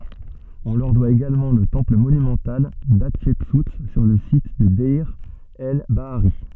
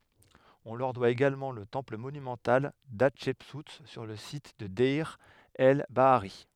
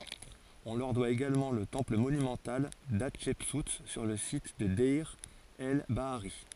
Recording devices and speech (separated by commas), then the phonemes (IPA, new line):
soft in-ear microphone, headset microphone, forehead accelerometer, read sentence
ɔ̃ lœʁ dwa eɡalmɑ̃ lə tɑ̃pl monymɑ̃tal datʃɛpsu syʁ lə sit də dɛʁ ɛl baaʁi